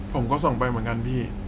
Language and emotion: Thai, neutral